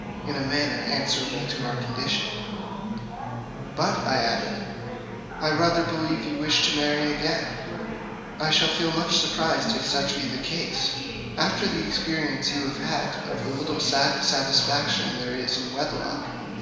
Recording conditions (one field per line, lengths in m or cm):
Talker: one person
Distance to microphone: 1.7 m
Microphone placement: close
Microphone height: 1.0 m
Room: very reverberant, large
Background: babble